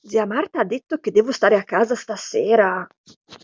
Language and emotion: Italian, surprised